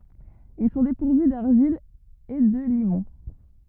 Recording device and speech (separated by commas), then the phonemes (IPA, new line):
rigid in-ear microphone, read sentence
il sɔ̃ depuʁvy daʁʒil e də limɔ̃